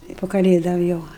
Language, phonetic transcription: Lithuanian, tai pu kaˈlėdom ˈjau

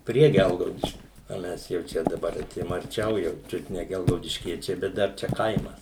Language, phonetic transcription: Lithuanian, ˈprie ˈgelgaudiškiu o ˈmes jau ˈčia daˈbar aˈtėjom arˈčiau jau ˈčiut ne gelgaudišˈkiečiai bet ˈdar ˈčia ˈkaimas

